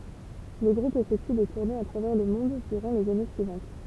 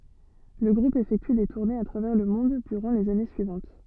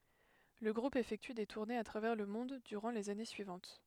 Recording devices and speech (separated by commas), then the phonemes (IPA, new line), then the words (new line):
temple vibration pickup, soft in-ear microphone, headset microphone, read sentence
lə ɡʁup efɛkty de tuʁnez a tʁavɛʁ lə mɔ̃d dyʁɑ̃ lez ane syivɑ̃t
Le groupe effectue des tournées à travers le monde durant les années suivantes.